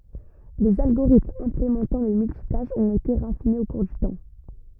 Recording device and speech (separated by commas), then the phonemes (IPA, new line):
rigid in-ear microphone, read sentence
lez alɡoʁitmz ɛ̃plemɑ̃tɑ̃ lə myltitaʃ ɔ̃t ete ʁafinez o kuʁ dy tɑ̃